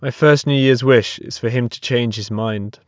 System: none